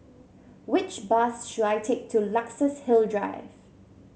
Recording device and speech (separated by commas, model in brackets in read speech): mobile phone (Samsung C7), read sentence